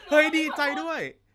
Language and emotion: Thai, happy